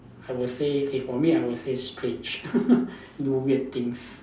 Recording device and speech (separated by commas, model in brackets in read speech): standing microphone, conversation in separate rooms